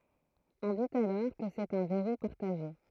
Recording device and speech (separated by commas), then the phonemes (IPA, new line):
throat microphone, read sentence
ɔ̃ dit alɔʁ kə sɛt œ̃ vɛʁu paʁtaʒe